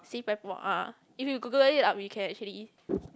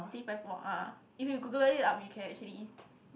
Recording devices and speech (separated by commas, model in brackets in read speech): close-talking microphone, boundary microphone, conversation in the same room